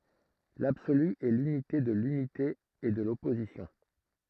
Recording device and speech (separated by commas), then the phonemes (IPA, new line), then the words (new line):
throat microphone, read sentence
labsoly ɛ lynite də lynite e də lɔpozisjɔ̃
L'absolu est l'unité de l'unité et de l'opposition.